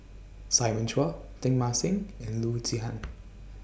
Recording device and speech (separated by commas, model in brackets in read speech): boundary microphone (BM630), read sentence